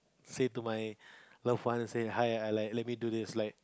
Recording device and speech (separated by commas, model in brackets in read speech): close-talking microphone, conversation in the same room